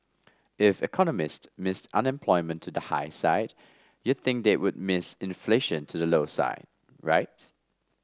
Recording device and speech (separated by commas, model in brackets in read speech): standing microphone (AKG C214), read sentence